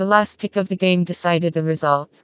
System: TTS, vocoder